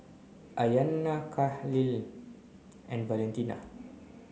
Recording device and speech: mobile phone (Samsung C9), read sentence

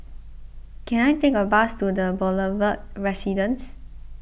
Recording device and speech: boundary microphone (BM630), read sentence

